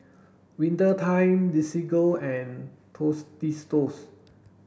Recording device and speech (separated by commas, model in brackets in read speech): boundary microphone (BM630), read sentence